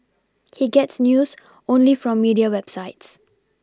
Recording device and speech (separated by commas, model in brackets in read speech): standing microphone (AKG C214), read sentence